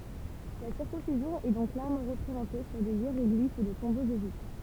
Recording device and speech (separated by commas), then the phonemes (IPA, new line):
temple vibration pickup, read sentence
la siʁkɔ̃sizjɔ̃ ɛ dɔ̃k klɛʁmɑ̃ ʁəpʁezɑ̃te syʁ de jeʁɔɡlif də tɔ̃boz eʒiptjɛ̃